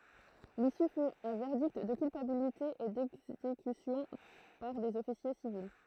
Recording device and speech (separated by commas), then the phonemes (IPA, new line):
throat microphone, read sentence
lisy fy œ̃ vɛʁdikt də kylpabilite e dɛɡzekysjɔ̃ paʁ dez ɔfisje sivil